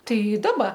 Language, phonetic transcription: Lithuanian, ˈtai ˈdaba

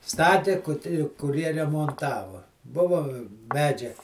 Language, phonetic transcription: Lithuanian, ˈstatė ˈkut kuˈrie remonˈtavo ˈbuvo ˈmedžia

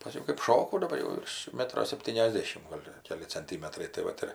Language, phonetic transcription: Lithuanian, paˈskiau kɜp ˈšokau daˈbar jau ˈvirš ˈmetro sepˌtyniasˈdėšim ˈgol' ˈkeli cenˈtymetrai tai ˈvat ir

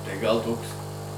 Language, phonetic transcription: Lithuanian, tai gal ˈtoks

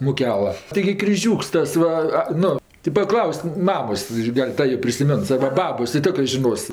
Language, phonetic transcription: Lithuanian, muˈkela tiˈgi kriˈžiūks ˈtas ˈva ˈnu ti paˈklausk ˈmamos ˈgal' ˈta jo prisiˈmens arba ˈbabos ji ˈtiokrɜ žiˈnos

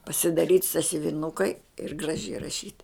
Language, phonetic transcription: Lithuanian, pasidaˈryt' sasiuviˈnukai ir graˈžiai raˈšyt

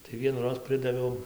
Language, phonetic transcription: Lithuanian, tai vienųˈroz ˈpridaviau

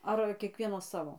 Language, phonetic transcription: Lithuanian, ˈar kieˈkvienas ˈsavo

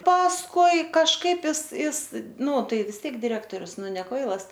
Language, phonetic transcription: Lithuanian, pasˈkui kažˈkaip ˈis ˈis ˈnū ˈtai vis ˈtiek diˈrektorius ˈnu ne ˈkvailas

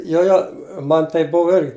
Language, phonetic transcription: Lithuanian, ˈjo jo ˈman taip ˈbuvu ˈirgi

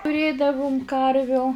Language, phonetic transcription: Lithuanian, tuˈrėdavum ˈkarviu

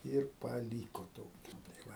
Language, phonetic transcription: Lithuanian, ˈir paˈlyko ˈtoki tai ˈva

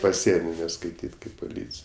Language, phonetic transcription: Lithuanian, paˈsienio neskaiˈtyt' ˈkaip puˈlycij

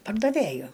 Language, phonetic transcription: Lithuanian, pardaˈvėju

